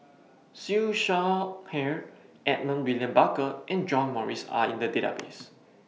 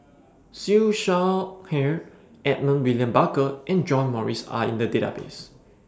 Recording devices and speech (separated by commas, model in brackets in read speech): mobile phone (iPhone 6), standing microphone (AKG C214), read sentence